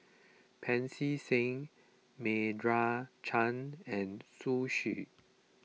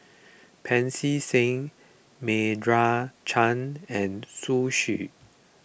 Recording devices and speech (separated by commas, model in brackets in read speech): mobile phone (iPhone 6), boundary microphone (BM630), read sentence